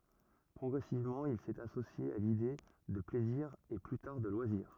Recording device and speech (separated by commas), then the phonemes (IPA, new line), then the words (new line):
rigid in-ear microphone, read sentence
pʁɔɡʁɛsivmɑ̃ il sɛt asosje a lide də plɛziʁ e ply taʁ də lwaziʁ
Progressivement, il s'est associé à l'idée de plaisir et plus tard de loisirs.